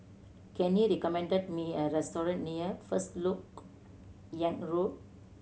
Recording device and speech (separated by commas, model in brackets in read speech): mobile phone (Samsung C7100), read sentence